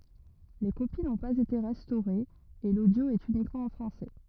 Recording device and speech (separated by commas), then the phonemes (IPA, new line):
rigid in-ear microphone, read sentence
le kopi nɔ̃ paz ete ʁɛstoʁez e lodjo ɛt ynikmɑ̃ ɑ̃ fʁɑ̃sɛ